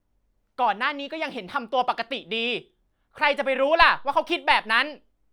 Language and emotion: Thai, angry